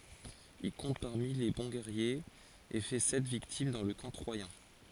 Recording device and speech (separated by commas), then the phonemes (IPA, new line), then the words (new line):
forehead accelerometer, read sentence
il kɔ̃t paʁmi le bɔ̃ ɡɛʁjez e fɛ sɛt viktim dɑ̃ lə kɑ̃ tʁwajɛ̃
Il compte parmi les bons guerriers, et fait sept victimes dans le camp troyen.